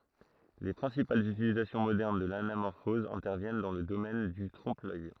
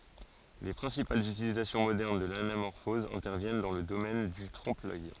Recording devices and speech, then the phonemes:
throat microphone, forehead accelerometer, read sentence
le pʁɛ̃sipalz ytilizasjɔ̃ modɛʁn də lanamɔʁfɔz ɛ̃tɛʁvjɛn dɑ̃ lə domɛn dy tʁɔ̃pəlœj

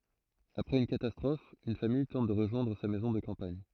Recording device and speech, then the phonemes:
throat microphone, read sentence
apʁɛz yn katastʁɔf yn famij tɑ̃t də ʁəʒwɛ̃dʁ sa mɛzɔ̃ də kɑ̃paɲ

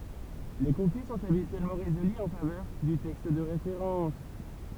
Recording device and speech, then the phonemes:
temple vibration pickup, read sentence
le kɔ̃fli sɔ̃t abityɛlmɑ̃ ʁezoly ɑ̃ favœʁ dy tɛkst də ʁefeʁɑ̃s

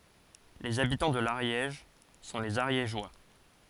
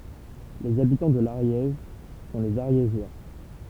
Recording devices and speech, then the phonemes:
forehead accelerometer, temple vibration pickup, read sentence
lez abitɑ̃ də laʁjɛʒ sɔ̃ lez aʁjeʒwa

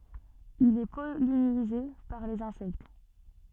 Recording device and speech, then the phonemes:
soft in-ear microphone, read sentence
il ɛ pɔlinize paʁ lez ɛ̃sɛkt

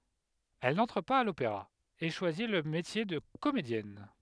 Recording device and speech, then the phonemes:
headset microphone, read sentence
ɛl nɑ̃tʁ paz a lopeʁa e ʃwazi lə metje də komedjɛn

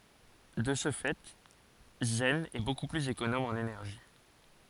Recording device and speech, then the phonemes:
forehead accelerometer, read sentence
də sə fɛ zɛn ɛ boku plyz ekonom ɑ̃n enɛʁʒi

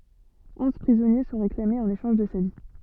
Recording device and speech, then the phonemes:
soft in-ear microphone, read sentence
ɔ̃z pʁizɔnje sɔ̃ ʁeklamez ɑ̃n eʃɑ̃ʒ də sa vi

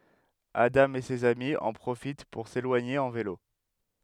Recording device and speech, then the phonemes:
headset microphone, read sentence
adɑ̃ e sez ami ɑ̃ pʁofit puʁ selwaɲe ɑ̃ velo

